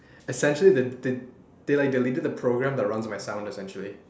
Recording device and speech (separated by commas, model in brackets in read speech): standing microphone, conversation in separate rooms